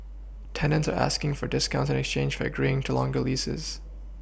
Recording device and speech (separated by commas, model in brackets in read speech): boundary microphone (BM630), read sentence